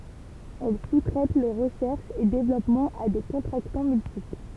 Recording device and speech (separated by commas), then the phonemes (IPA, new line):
temple vibration pickup, read sentence
ɛl su tʁɛt le ʁəʃɛʁʃz e devlɔpmɑ̃z a de kɔ̃tʁaktɑ̃ myltipl